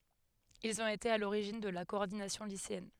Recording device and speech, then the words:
headset microphone, read sentence
Ils ont été à l'origine de la Coordination Lycéenne.

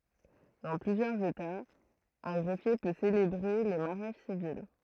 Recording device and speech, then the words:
throat microphone, read sentence
Dans plusieurs États, un greffier peut célébrer les mariages civils.

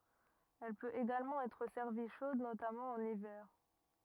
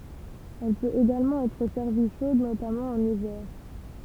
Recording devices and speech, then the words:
rigid in-ear microphone, temple vibration pickup, read sentence
Elle peut également être servie chaude notamment en hiver.

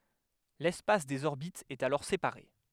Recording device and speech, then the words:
headset microphone, read sentence
L'espace des orbites est alors séparé.

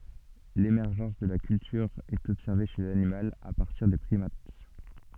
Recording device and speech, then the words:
soft in-ear microphone, read sentence
L'émergence de la culture est observée chez l'animal à partir des primates.

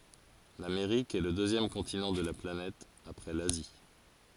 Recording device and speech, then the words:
forehead accelerometer, read sentence
L'Amérique est le deuxième continent de la planète après l'Asie.

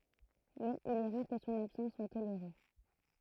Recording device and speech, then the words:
throat microphone, read sentence
Mais il est rare que son absence soit tolérée.

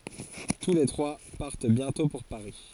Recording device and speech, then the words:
forehead accelerometer, read sentence
Tous les trois partent bientôt pour Paris...

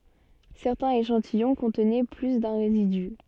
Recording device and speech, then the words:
soft in-ear microphone, read sentence
Certains échantillons contenaient plus d’un résidu.

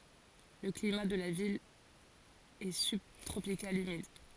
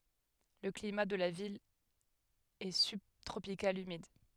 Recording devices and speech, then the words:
forehead accelerometer, headset microphone, read sentence
Le climat de la ville est subtropical humide.

